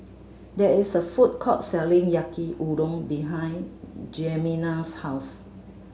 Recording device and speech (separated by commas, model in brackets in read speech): mobile phone (Samsung C7100), read sentence